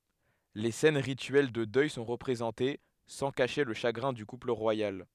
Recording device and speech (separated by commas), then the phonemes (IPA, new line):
headset microphone, read sentence
le sɛn ʁityɛl də dœj sɔ̃ ʁəpʁezɑ̃te sɑ̃ kaʃe lə ʃaɡʁɛ̃ dy kupl ʁwajal